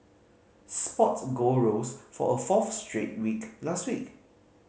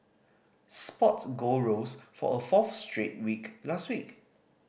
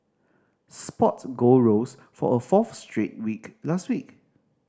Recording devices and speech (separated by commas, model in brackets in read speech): mobile phone (Samsung C5010), boundary microphone (BM630), standing microphone (AKG C214), read sentence